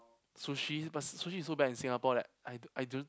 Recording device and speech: close-talking microphone, conversation in the same room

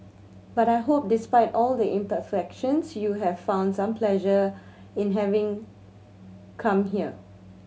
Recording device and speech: mobile phone (Samsung C7100), read sentence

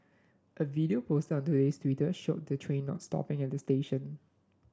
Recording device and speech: standing microphone (AKG C214), read sentence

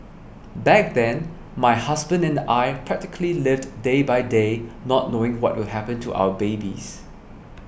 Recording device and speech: boundary microphone (BM630), read sentence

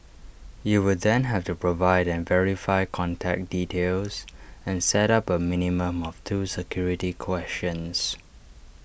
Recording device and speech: boundary microphone (BM630), read sentence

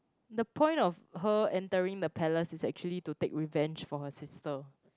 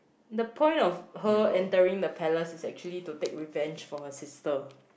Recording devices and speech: close-talking microphone, boundary microphone, conversation in the same room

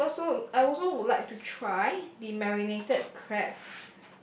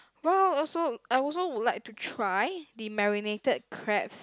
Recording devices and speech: boundary microphone, close-talking microphone, conversation in the same room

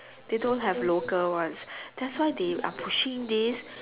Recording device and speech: telephone, conversation in separate rooms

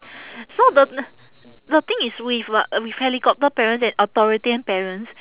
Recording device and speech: telephone, conversation in separate rooms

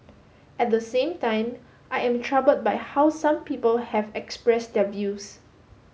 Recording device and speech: mobile phone (Samsung S8), read sentence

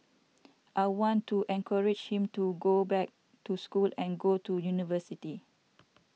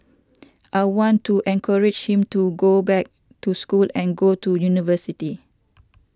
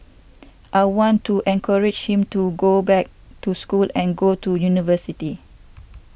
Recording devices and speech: mobile phone (iPhone 6), standing microphone (AKG C214), boundary microphone (BM630), read sentence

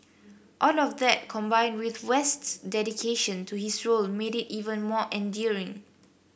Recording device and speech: boundary microphone (BM630), read sentence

